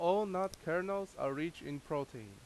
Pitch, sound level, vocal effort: 165 Hz, 90 dB SPL, very loud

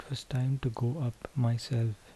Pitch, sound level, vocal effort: 120 Hz, 72 dB SPL, soft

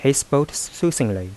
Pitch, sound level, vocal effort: 135 Hz, 83 dB SPL, soft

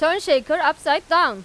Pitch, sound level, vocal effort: 310 Hz, 100 dB SPL, very loud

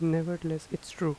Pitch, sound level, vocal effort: 165 Hz, 81 dB SPL, soft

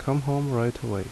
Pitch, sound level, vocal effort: 125 Hz, 74 dB SPL, normal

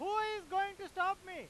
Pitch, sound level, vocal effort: 390 Hz, 107 dB SPL, very loud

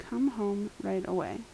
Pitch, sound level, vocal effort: 200 Hz, 77 dB SPL, soft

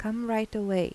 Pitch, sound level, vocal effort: 215 Hz, 83 dB SPL, soft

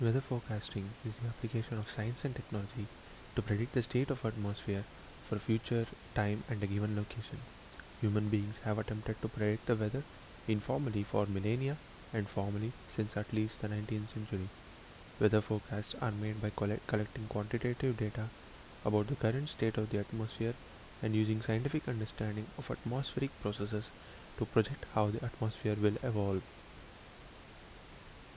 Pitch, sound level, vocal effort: 110 Hz, 73 dB SPL, soft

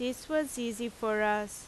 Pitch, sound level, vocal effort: 235 Hz, 88 dB SPL, loud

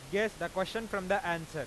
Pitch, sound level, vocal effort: 190 Hz, 99 dB SPL, loud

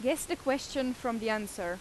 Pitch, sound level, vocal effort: 250 Hz, 88 dB SPL, loud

